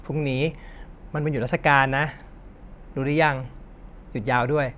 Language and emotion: Thai, frustrated